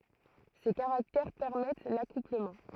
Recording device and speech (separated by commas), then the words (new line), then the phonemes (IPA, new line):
throat microphone, read sentence
Ces caractères permettent l'accouplement.
se kaʁaktɛʁ pɛʁmɛt lakupləmɑ̃